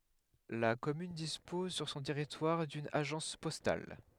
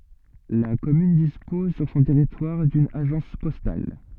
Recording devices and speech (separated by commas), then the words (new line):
headset microphone, soft in-ear microphone, read sentence
La commune dispose sur son territoire d'une agence postale.